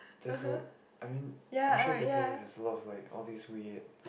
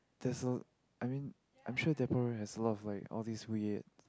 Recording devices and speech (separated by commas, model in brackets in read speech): boundary microphone, close-talking microphone, conversation in the same room